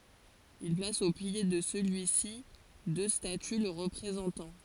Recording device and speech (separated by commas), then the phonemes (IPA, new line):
forehead accelerometer, read sentence
il plas o pje də səlyi si dø staty lə ʁəpʁezɑ̃tɑ̃